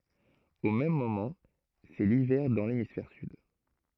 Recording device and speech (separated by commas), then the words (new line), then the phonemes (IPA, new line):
throat microphone, read sentence
Au même moment, c'est l'hiver dans l'hémisphère sud.
o mɛm momɑ̃ sɛ livɛʁ dɑ̃ lemisfɛʁ syd